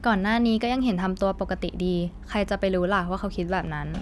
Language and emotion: Thai, neutral